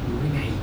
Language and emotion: Thai, neutral